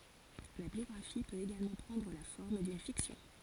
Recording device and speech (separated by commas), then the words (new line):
forehead accelerometer, read sentence
La biographie peut également prendre la forme d'une fiction.